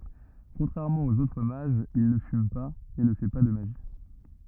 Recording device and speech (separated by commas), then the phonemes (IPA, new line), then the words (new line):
rigid in-ear microphone, read sentence
kɔ̃tʁɛʁmɑ̃ oz otʁ maʒz il nə fym paz e nə fɛ pa də maʒi
Contrairement aux autres mages, il ne fume pas, et ne fait pas de magie.